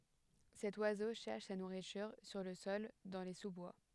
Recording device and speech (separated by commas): headset microphone, read sentence